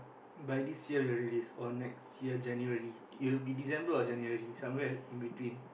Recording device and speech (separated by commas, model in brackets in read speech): boundary microphone, conversation in the same room